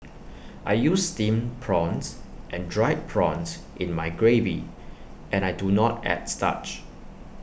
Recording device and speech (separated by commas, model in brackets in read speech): boundary microphone (BM630), read sentence